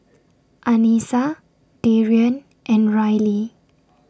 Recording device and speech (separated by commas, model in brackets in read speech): standing microphone (AKG C214), read sentence